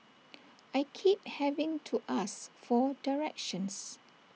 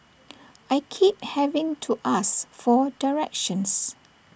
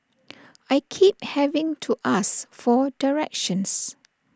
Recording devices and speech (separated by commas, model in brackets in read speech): mobile phone (iPhone 6), boundary microphone (BM630), standing microphone (AKG C214), read sentence